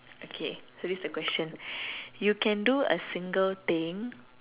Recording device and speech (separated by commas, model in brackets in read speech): telephone, conversation in separate rooms